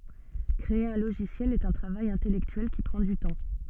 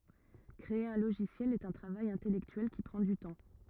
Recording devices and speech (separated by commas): soft in-ear microphone, rigid in-ear microphone, read sentence